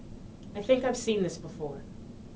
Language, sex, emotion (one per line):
English
female
neutral